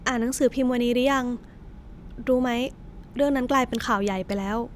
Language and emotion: Thai, frustrated